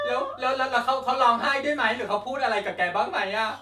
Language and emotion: Thai, happy